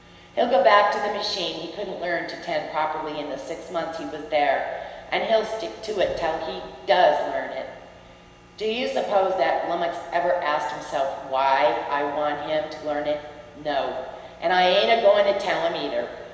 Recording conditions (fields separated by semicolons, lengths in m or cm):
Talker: one person; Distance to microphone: 1.7 m; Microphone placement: close; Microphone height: 1.0 m; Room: very reverberant, large; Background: none